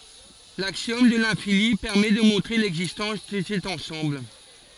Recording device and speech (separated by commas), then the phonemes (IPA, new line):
forehead accelerometer, read sentence
laksjɔm də lɛ̃fini pɛʁmɛ də mɔ̃tʁe lɛɡzistɑ̃s də sɛt ɑ̃sɑ̃bl